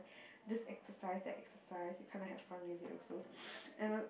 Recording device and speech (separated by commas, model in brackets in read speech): boundary microphone, conversation in the same room